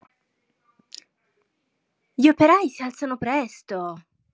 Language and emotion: Italian, surprised